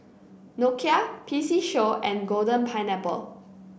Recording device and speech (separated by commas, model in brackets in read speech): boundary microphone (BM630), read sentence